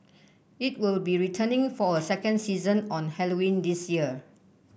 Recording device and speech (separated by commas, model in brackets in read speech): boundary microphone (BM630), read sentence